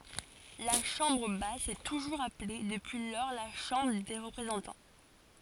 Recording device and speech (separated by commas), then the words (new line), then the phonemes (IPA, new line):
forehead accelerometer, read sentence
La chambre basse s'est toujours appelée depuis lors la Chambre des représentants.
la ʃɑ̃bʁ bas sɛ tuʒuʁz aple dəpyi lɔʁ la ʃɑ̃bʁ de ʁəpʁezɑ̃tɑ̃